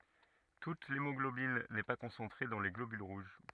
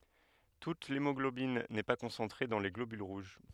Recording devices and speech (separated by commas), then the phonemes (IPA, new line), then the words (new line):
rigid in-ear microphone, headset microphone, read sentence
tut lemɔɡlobin nɛ pa kɔ̃sɑ̃tʁe dɑ̃ le ɡlobyl ʁuʒ
Toute l'hémoglobine n'est pas concentrée dans les globules rouges.